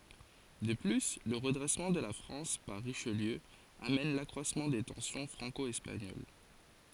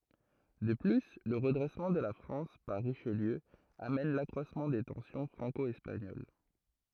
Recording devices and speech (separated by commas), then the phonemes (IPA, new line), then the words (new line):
forehead accelerometer, throat microphone, read sentence
də ply lə ʁədʁɛsmɑ̃ də la fʁɑ̃s paʁ ʁiʃliø amɛn lakʁwasmɑ̃ de tɑ̃sjɔ̃ fʁɑ̃ko ɛspaɲol
De plus, le redressement de la France par Richelieu amène l'accroissement des tensions franco-espagnoles.